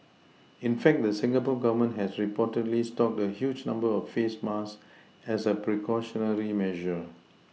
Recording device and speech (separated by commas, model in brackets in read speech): mobile phone (iPhone 6), read sentence